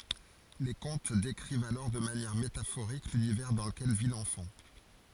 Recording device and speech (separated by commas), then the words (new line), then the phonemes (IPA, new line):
forehead accelerometer, read sentence
Les contes décrivent alors de manière métaphorique l'univers dans lequel vit l'enfant.
le kɔ̃t dekʁivt alɔʁ də manjɛʁ metafoʁik lynivɛʁ dɑ̃ ləkɛl vi lɑ̃fɑ̃